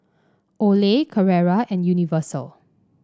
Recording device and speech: standing microphone (AKG C214), read sentence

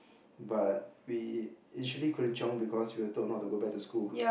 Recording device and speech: boundary microphone, conversation in the same room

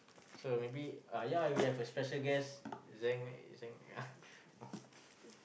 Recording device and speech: boundary microphone, conversation in the same room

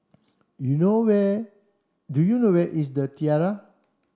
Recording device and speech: standing microphone (AKG C214), read sentence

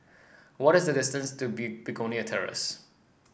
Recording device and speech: boundary microphone (BM630), read sentence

